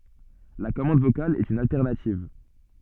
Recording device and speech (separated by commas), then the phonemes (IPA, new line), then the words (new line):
soft in-ear microphone, read sentence
la kɔmɑ̃d vokal ɛt yn altɛʁnativ
La commande vocale est une alternative.